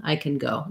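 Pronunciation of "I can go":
In 'I can go', 'can' is reduced: it has almost no vowel, or the vowel of 'red', rather than the full vowel of 'cat'.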